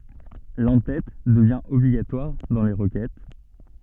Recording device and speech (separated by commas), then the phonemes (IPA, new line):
soft in-ear microphone, read sentence
lɑ̃tɛt dəvjɛ̃ ɔbliɡatwaʁ dɑ̃ le ʁəkɛt